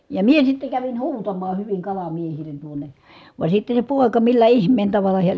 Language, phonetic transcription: Finnish, ja mie sitte kävin huutamaa hyviŋ kalamiehilen tuone , vàe sitte se pòeka millä ihm̀een taval̆la heä ,.
- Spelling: ja minä sitten kävin huutamaan hyvin kalamiehille tuonne vaan sitten se poika millä ihmeen tavalla hän

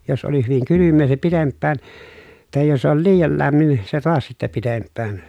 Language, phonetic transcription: Finnish, jos oli hyviŋ kylymmee se pitemppään , tàej jos ‿ol liijal lämmin , se toas sittä pitemppään .
- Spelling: jos oli hyvin kylmää se pitempään tai jos oli liian lämmin se taas sitten pitempään

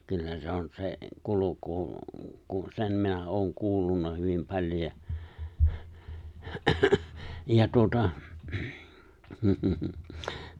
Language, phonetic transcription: Finnish, 'kyllä se on 'se , 'kuluku , ku , 'sen minä 'ooŋ 'kuullunna hyvim 'paĺjo ja , ja 'tuᵒta , hm , hmhmh ,.
- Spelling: kyllä se on se kulku kun sen minä olen kuullut hyvin paljon ja ja tuota mm mm

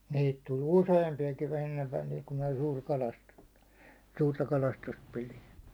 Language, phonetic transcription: Finnish, 'niit tuĺ "useempi₍akin ennev välil kum minä (suurt kalastustᴀ) , 'suurta 'kalastust pilin̬ .
- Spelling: niitä tuli useampiakin ennen välillä kun minä suurta kalastusta suurta kalastusta pidin

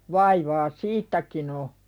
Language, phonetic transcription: Finnish, 'vaivaa "siittäkin ‿o .
- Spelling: vaivaa siitäkin on

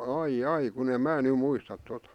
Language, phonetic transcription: Finnish, ai'j ‿ai kun ‿èm̆ "mää ny 'muistat tota .
- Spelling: ai ai kun en minä nyt muista tuota

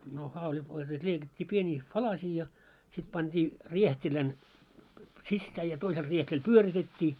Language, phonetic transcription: Finnish, no 'hauĺit oĺ selˢᵉᵗ 'leikat́t́ii 'pieniiks "palasii ja , 'sit 'panᴅi , "rieht́ilän , 'sissää ja 'toisel rieht́ilᵃˡ̈ "pyöritet́t́ii .
- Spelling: no haulit oli sellaisessa leikattiin pieniksi palasia ja sitten pani riehtilän sisään ja toisella riehtilällä pyöritettiin

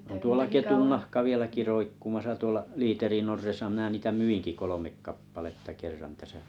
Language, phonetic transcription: Finnish, on tuola "ketunnahka 'vieläki 'roikkumasa 'tuola , 'liiterinn ‿orresa mⁱnä 'niitä "myiŋki 'kolomek 'kappaletta 'kerran täsä .
- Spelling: on tuolla ketunnahka vieläkin roikkumassa tuolla liiterin orressa minä niitä myinkin kolme kappaletta kerran tässä

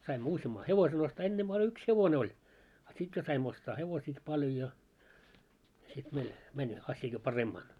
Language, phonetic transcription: Finnish, saimmo 'usjamma "hevosen ‿ostaa 'ennemʙää oĺ 'yks 'hevonᵉ ‿oĺ , a 'sit jo saimm ‿ostaa 'hevosiiki paljo ja , sit meil , 'mäń , 'asja jo "paremmaan .
- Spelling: saimme useamman hevosen ostaa ennempää oli yksi hevonen oli a sitten jo sain ostaa hevosiakin paljon ja sitten meillä meni asia jo paremmin

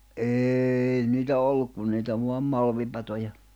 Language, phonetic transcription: Finnish, êi niitä 'olluk kun niitä vuam 'malvipatoja .
- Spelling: ei niitä ollut kuin niitä vain malmipatoja

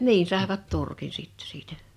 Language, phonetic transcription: Finnish, 'niin̬ sàevat 'turkin sitt(ᴇ) siitä .
- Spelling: niin saivat turkin sitten siitä

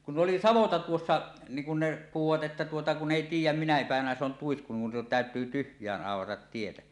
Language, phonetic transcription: Finnish, kun 'ˀoli "savota 'tuossa , niiŋ kun ne puhuvat ’että tuota 'kunⁿ ‿èi 'tiij̆jäm "minä 'pä̀evänä se on 'tuisku nin tä̀ötyy "tyhj̀äänˀ 'ˀàoratat 'tietä « .
- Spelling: kun oli savotta tuossa niin kun ne puhuivat että tuota kun ei tiedä minä päivänä se on tuisku niin täytyy tyhjään aurata tietä

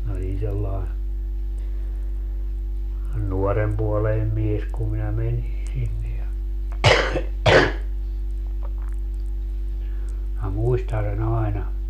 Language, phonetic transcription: Finnish, min ‿olin sellàe , 'nuɔrempuoleinem 'mies kum minä 'menin̬ sinne ja , minä 'muistan̬ se'n ‿aena .
- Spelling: minä olin sellainen nuorenpuoleinen mies kun minä menin sinne ja minä muistan sen aina

